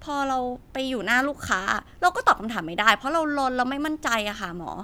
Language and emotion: Thai, frustrated